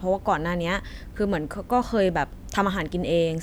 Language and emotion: Thai, neutral